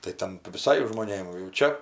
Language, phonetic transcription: Lithuanian, tai ˈten viˈsai žmoˈnėm jau ˈčia

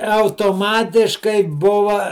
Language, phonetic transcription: Lithuanian, autoˈmatiškai ˈbuva

